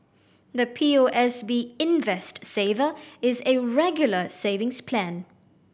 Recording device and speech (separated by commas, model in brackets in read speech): boundary microphone (BM630), read sentence